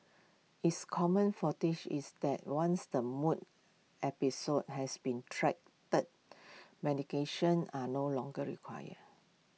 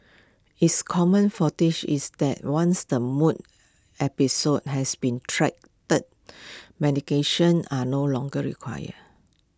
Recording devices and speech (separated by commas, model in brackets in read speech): mobile phone (iPhone 6), close-talking microphone (WH20), read sentence